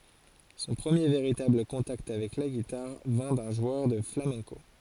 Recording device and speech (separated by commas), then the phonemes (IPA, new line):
forehead accelerometer, read sentence
sɔ̃ pʁəmje veʁitabl kɔ̃takt avɛk la ɡitaʁ vɛ̃ dœ̃ ʒwœʁ də flamɛ̃ko